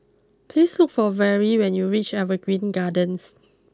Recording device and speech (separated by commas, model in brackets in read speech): close-talking microphone (WH20), read sentence